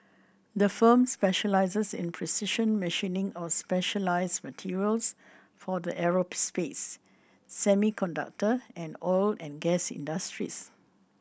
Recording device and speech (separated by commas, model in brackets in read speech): boundary microphone (BM630), read sentence